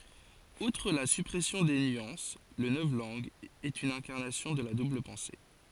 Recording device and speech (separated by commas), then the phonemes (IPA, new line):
forehead accelerometer, read sentence
utʁ la sypʁɛsjɔ̃ de nyɑ̃s lə nɔvlɑ̃ɡ ɛt yn ɛ̃kaʁnasjɔ̃ də la dubl pɑ̃se